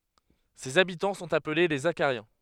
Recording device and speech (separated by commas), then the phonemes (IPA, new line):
headset microphone, read sentence
sez abitɑ̃ sɔ̃t aple le zaʃaʁjɛ̃